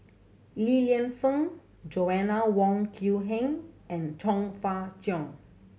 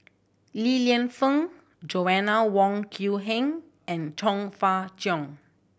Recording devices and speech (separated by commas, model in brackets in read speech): mobile phone (Samsung C7100), boundary microphone (BM630), read sentence